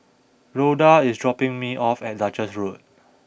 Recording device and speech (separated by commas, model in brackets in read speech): boundary microphone (BM630), read sentence